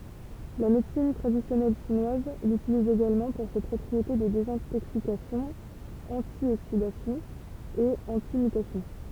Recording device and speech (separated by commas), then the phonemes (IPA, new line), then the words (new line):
temple vibration pickup, read sentence
la medəsin tʁadisjɔnɛl ʃinwaz lytiliz eɡalmɑ̃ puʁ se pʁɔpʁiete də dezɛ̃toksikasjɔ̃ ɑ̃tjoksidasjɔ̃ e ɑ̃timytasjɔ̃
La médecine traditionnelle chinoise l'utilise également pour ses propriétés de désintoxication, antioxidation et antimutation.